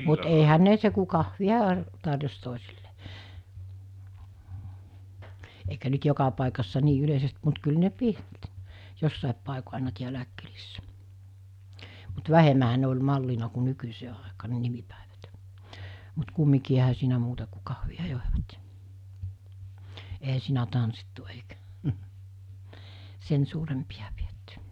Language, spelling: Finnish, mutta eihän ne se kun kahvia - tarjosi toisille eikä nyt joka paikassa niin yleisesti mutta kyllä ne piti jossakin paikoin aina täälläkin kylissä mutta vähemmänhän ne oli mallina kuin nykyiseen aikaan ne nimipäivät mutta kumminkin eihän siinä muuta kuin kahvia joivat ja eihän siinä tanssittu eikä sen suurempia pidetty
- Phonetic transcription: mut eihän 'ne se ku 'kahvi₍a a- , tarjos tòesillᴇ , eikä nyt 'joka pàikassa 'nii 'yleisest mut kyl ne "pit , 'jossàep pàeko àena 'tiälä̀ek kylissä , mut "vähemähä ne oĺ 'mallina ku 'nykysee àekaa ne 'nimipä̀evät , mut 'kummikii eɦä siinä muuta ku kahvi₍a jòevat (ja) , eɦä 'siinä 'tanssittu eikä , 'sen suurempiʲa pietty .

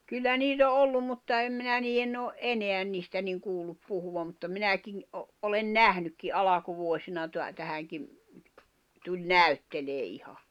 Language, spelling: Finnish, kyllä niitä on ollut mutta en minä niiden ole enää niistä niin kuullut puhuvan mutta minäkin - olen nähnytkin alkuvuosina - tähänkin tuli näyttelemään ihan
- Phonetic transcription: 'kyllä niit ‿o 'ollum̆ mutta 'em minä 'niiʲenⁿ ‿o , "’eneän 'niistä niŋ 'kuullup puhuvam mutta "minäkiŋ , ’o , olen "nähnykki '’alakuvuosina tuä- 'tähäŋkim , tuĺ "näy̬ttelee '’iha .

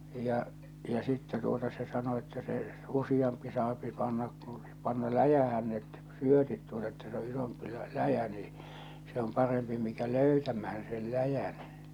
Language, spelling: Finnish, ja ja sitten tuota se sanoi että se useampi saa panna kun panna läjään ne syötit tuota että se on isompi - läjä niin se on parempi mikä löytämään sen läjän
- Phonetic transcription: ja , ja 'sittɛ tuota se sano että se , 'usiʲampi saapi pannak ku , panna "läjähän net , "syötit tuota että se o 'isompi lä- "läjä nii , se om 'parempi mikä "löytämähän sel "läjän .

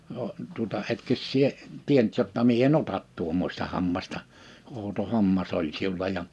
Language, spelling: Finnish, - tuota etkös sinä tiennyt jotta minä en ota tuommoista hammasta outo hammas oli sinulla ja
- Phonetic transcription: ə tuᵒta 'etkös sie , 'tienʸt jotta mie e"n ‿otat 'tuommośta 'hammasta , ou̬to 'hammas ‿oĺ 'siula ja « ,.

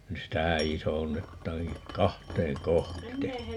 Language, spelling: Finnish, nyt sitä isonnetaankin kahteen -
- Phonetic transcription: 'nys stää "isonnettaaŋki , "kahteeŋ ('kohtee) .

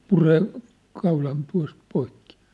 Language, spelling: Finnish, puree kaulan tuosta poikki
- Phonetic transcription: 'puree , kaulan tua̭st poikkɪ .

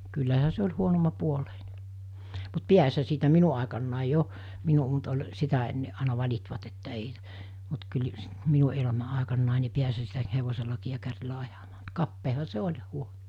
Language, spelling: Finnish, kyllähän se oli huonommanpuoleinen mutta pääsihän siitä minun aikanani jo minun mutta oli sitä ennen aina valittivat että ei mutta kyllä - minun elämä aikanani niin pääsihän siitä hevosellakin ja kärryllä ajamaan mutta kapeahan se oli ja huono
- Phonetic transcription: kyllähä se oĺ 'huonomma'puoleine , mut "piäshä siitä 'minu àekannài 'jo , 'minu , mut ol , 'sitä enne àina 'vaĺitvat että ei , mut kyl s- , 'minu ela̳ma̳ àikannài ni 'piäshä siitä 'hevoselakii ja 'kärrilä 'ajamaa (mu)t 'kappeeha se 'oĺ ja 'huo(no) .

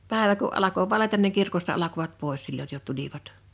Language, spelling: Finnish, päivä kun alkoi valjeta niin kirkosta alkoivat pois silloin jo tulivat
- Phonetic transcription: 'pä̀evä ku’ ’alako "valetan niŋ 'kirkosta alakovat 'pòes silloj jo 'tulivat .

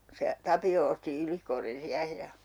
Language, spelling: Finnish, se Tapio osti Ylikorrin siihen ja
- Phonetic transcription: 'se , 'Tapi₍o osti 'Ylikorrin 'siähe ja , .

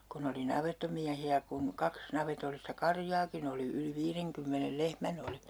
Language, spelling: Finnish, kun oli navettamiehiä kun kaksi navetallista karjaakin oli yli viidenkymmenen lehmän oli
- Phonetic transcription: kun ‿oli 'navettomiähi₍ä kun , 'kaks 'navetollista "karjaakin ‿oli yli 'viireŋkymmenel "lehmän ‿oli .

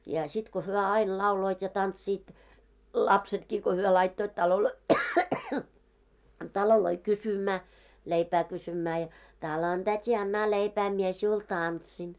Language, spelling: Finnish, ja sitten kun he aina lauloivat ja tanssivat lapsetkin kun he laittoivat taloihin taloihin kysymään leipää kysymään ja talon täti annahan leipää minä sinulle tanssin
- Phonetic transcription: ja sit ko hyö 'ail 'lauloit ja 'tantsiit , 'lapsetkii ko 'hyö laittoit taloloi , 'taloloi 'kysymää , 'leipää kysymää ja , » 'tàlon tät́i 'annaa 'leipää mie siul "tantsin « .

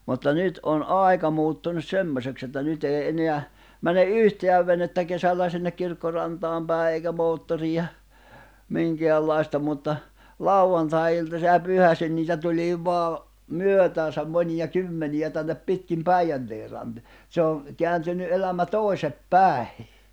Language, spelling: Finnish, mutta nyt on aika muuttunut semmoiseksi että nyt ei enää mene yhtään venettä kesällä sinne kirkkorantaan päin eikä moottoria minkäänlaista mutta lauantai-iltaisin ja pyhäisin niitä tuli vain myötäänsä monia kymmeniä tänne pitkin Päijänteen - se on kääntynyt elämä toisin päin
- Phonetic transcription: mutta 'nyt ’on "’àika muuttunus "semmośeks ‿että 'nyt ‿èi eneä , 'mäne "’yhteäv venettä 'kesällä sinnek 'kirkkorantaam pä̀e èikä 'moottorija , 'miŋkeällai̬sta mutta , "lau₍antai₍iltasi ja 'pyhäsin niitä tuĺii 'voa , "myötääsäm 'mońiʲa "kymmenijä tännep 'pitkim "Päijänteeʳ ran- , se oᵑ , 'keäntyny ’elämä 'toi̬sep "päi̬ .

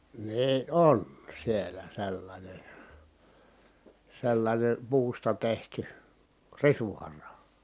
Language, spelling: Finnish, niin on siellä sellainen sellainen puusta tehty risuhara
- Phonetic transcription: nii ʼon , sielä sellańen̬ , sellańen , puusta tehty , risuhara .

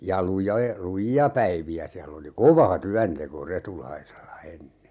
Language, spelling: Finnish, ja - lujia päiviä siellä oli kova työnteko Retulaisella ennen
- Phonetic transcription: ja 'luja - "luji₍a 'päivi₍ä siäll ‿oli "kova 'tyänteko 'Retulaisella 'enne .

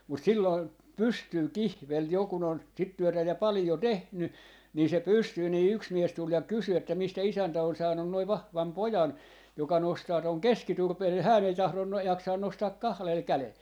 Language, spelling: Finnish, mutta silloin pystyy kihveli jo kun on sitä työtä ja paljon tehnyt niin se pystyy niin yksi mies tuli ja kysyi että mistä isäntä on saanut noin vahvan pojan joka nostaa tuon keskiturpeen ja hän ei tahdo - jaksaa nostaa kahdella kädellä
- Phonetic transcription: mut 'silloin , 'pystyy "kihvel 'jo kun ‿on , 'sit 'työtä ja 'palⁱjo "tehny , nii se 'pystyy nii 'yks 'mies tul ja "kysy että » 'mistä 'isäntä on 'saannun noi "vahvam "pojan , 'joka 'nostaa tòŋ "keski'turpe(hej) ja 'hään ‿ei 'tahlon no- , 'jaksaan 'nostaak "kahlel 'kälel » .

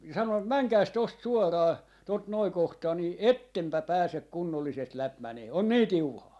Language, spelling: Finnish, sanon menkääpäs tuosta suoraan tuota noin kohtaa niin ettepä pääse kunnollisesti läpi menemään on niin tiuhaa
- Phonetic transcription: sanon , » "mäŋkäis 'tost 'suoraa , tot 'noi 'kohtaa » ni "ettempä "pääsek̆ "kunnollisest 'läp 'mänee , on 'nii "tiuhaa .

